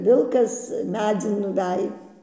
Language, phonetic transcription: Lithuanian, ˈvilkas ˈmedzin nuˈvej

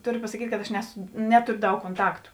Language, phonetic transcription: Lithuanian, ˈtoˌrio pasaˈkyt' kad aš ˈnesu ˈnetorio ˈdaug konˈtaktu

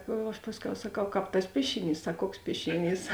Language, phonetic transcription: Lithuanian, aš ˈpasˌkiau saˈkau ˈkāp tas ˈpiešiˌnys ˈsak ˈkuoks ˈpiešiˌnys

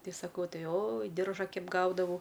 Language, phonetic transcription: Lithuanian, ˈtei saˈkau ˈtai oj ˈdirža ˈkeip ˈgaudavau

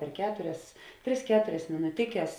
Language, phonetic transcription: Lithuanian, per ˈketurias ˈtris ˈketurias minuˈtikes

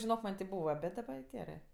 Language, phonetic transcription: Lithuanian, žinok man' ti ˈbūva ˈbet daˈba jo ˈgerɜ

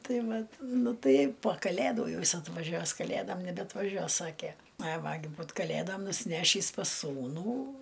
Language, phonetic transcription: Lithuanian, ˈtai ˈvat ˈnu ˈtai po kaˈlædų ˈjau ˈjis atvaˈžiuos kaˈlædom nebeatvaˈžiuos ˈsakė ai ˈva gi ˈbūt kaˈlėdom nusiˈnešįs pas ˈsūnų

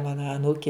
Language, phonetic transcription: Lithuanian, ˈmana aˈnūki

